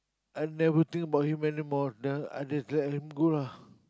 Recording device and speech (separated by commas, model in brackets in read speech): close-talking microphone, conversation in the same room